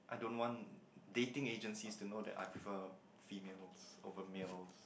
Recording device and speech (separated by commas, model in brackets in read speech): boundary microphone, conversation in the same room